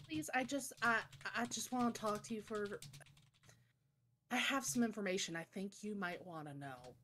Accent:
Southern drawl